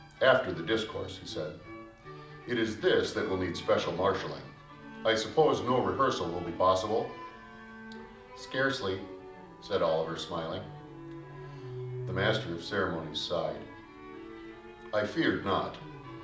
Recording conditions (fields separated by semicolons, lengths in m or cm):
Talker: one person; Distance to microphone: 2.0 m; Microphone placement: close; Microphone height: 99 cm; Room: medium-sized (5.7 m by 4.0 m); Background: music